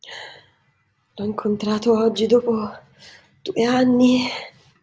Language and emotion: Italian, fearful